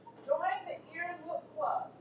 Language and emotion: English, sad